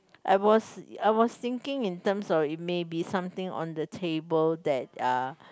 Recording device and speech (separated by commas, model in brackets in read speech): close-talking microphone, conversation in the same room